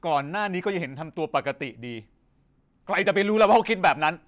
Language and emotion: Thai, angry